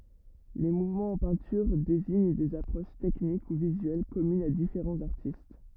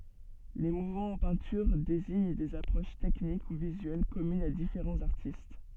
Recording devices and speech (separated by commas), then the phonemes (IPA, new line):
rigid in-ear microphone, soft in-ear microphone, read sentence
le muvmɑ̃z ɑ̃ pɛ̃tyʁ deziɲ dez apʁoʃ tɛknik u vizyɛl kɔmynz a difeʁɑ̃z aʁtist